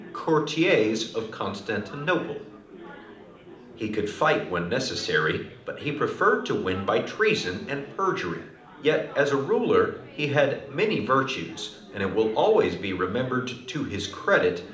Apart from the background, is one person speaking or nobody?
One person.